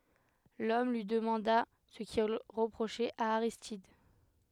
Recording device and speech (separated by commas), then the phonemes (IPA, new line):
headset microphone, read sentence
lɔm lyi dəmɑ̃da sə kil ʁəpʁoʃɛt a aʁistid